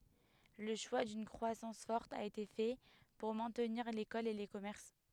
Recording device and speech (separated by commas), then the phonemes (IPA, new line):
headset microphone, read sentence
lə ʃwa dyn kʁwasɑ̃s fɔʁt a ete fɛ puʁ mɛ̃tniʁ lekɔl e le kɔmɛʁs